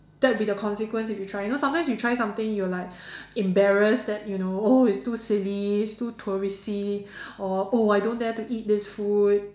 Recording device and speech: standing microphone, conversation in separate rooms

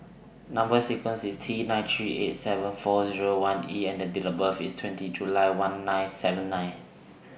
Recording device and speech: boundary microphone (BM630), read sentence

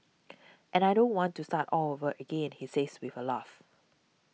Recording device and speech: mobile phone (iPhone 6), read sentence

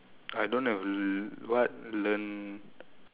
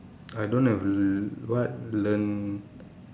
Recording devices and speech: telephone, standing microphone, conversation in separate rooms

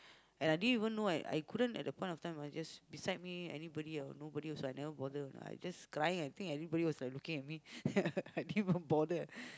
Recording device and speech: close-talking microphone, conversation in the same room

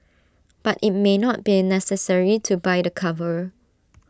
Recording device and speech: standing microphone (AKG C214), read sentence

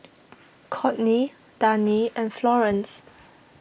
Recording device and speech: boundary microphone (BM630), read sentence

